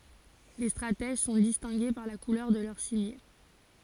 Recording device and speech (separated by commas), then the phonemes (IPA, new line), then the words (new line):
forehead accelerometer, read sentence
le stʁatɛʒ sɔ̃ distɛ̃ɡe paʁ la kulœʁ də lœʁ simje
Les stratèges sont distingués par la couleur de leur cimier.